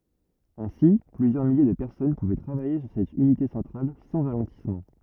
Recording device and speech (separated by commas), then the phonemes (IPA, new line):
rigid in-ear microphone, read sentence
ɛ̃si plyzjœʁ milje də pɛʁsɔn puvɛ tʁavaje syʁ sɛt ynite sɑ̃tʁal sɑ̃ ʁalɑ̃tismɑ̃